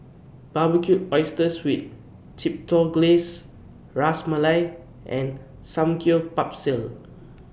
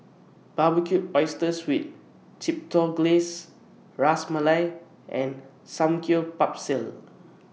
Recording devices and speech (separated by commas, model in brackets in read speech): boundary microphone (BM630), mobile phone (iPhone 6), read sentence